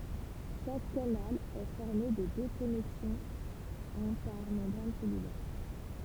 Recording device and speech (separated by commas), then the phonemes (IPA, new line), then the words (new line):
temple vibration pickup, read sentence
ʃak kanal ɛ fɔʁme də dø kɔnɛksɔ̃z œ̃ paʁ mɑ̃bʁan sɛlylɛʁ
Chaque canal est formé de deux connexons, un par membrane cellulaire.